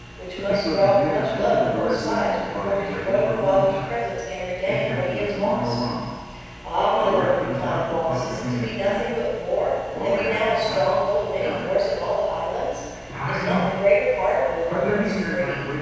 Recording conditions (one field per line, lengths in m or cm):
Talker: one person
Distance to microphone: 7.1 m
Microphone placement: far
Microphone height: 1.7 m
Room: very reverberant, large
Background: television